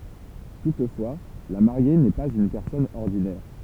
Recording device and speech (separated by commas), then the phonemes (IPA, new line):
temple vibration pickup, read sentence
tutfwa la maʁje nɛ paz yn pɛʁsɔn ɔʁdinɛʁ